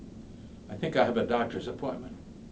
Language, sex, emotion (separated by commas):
English, male, neutral